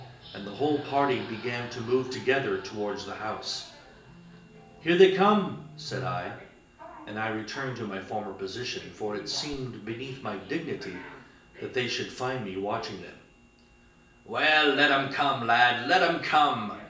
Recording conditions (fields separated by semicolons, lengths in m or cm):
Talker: one person; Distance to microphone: 1.8 m; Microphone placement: close; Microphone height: 1.0 m; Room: large; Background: television